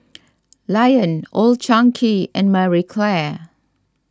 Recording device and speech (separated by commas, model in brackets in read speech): standing microphone (AKG C214), read sentence